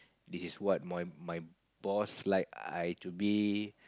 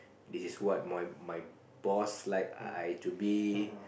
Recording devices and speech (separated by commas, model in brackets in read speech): close-talking microphone, boundary microphone, conversation in the same room